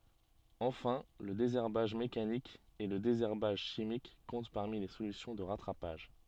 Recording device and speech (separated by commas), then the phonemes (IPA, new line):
soft in-ear microphone, read sentence
ɑ̃fɛ̃ lə dezɛʁbaʒ mekanik e lə dezɛʁbaʒ ʃimik kɔ̃t paʁmi le solysjɔ̃ də ʁatʁapaʒ